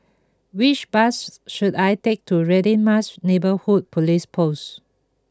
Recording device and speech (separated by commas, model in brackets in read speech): close-talking microphone (WH20), read sentence